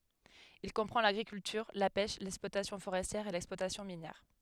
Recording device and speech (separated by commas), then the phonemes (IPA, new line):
headset microphone, read sentence
il kɔ̃pʁɑ̃ laɡʁikyltyʁ la pɛʃ lɛksplwatasjɔ̃ foʁɛstjɛʁ e lɛksplwatasjɔ̃ minjɛʁ